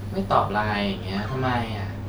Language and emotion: Thai, frustrated